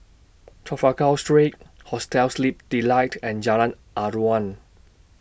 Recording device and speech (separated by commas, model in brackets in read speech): boundary microphone (BM630), read sentence